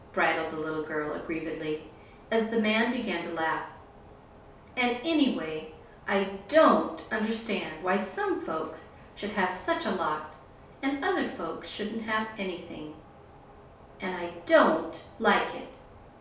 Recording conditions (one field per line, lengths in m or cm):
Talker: one person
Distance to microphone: 3.0 m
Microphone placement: far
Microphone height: 1.8 m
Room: small (3.7 m by 2.7 m)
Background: none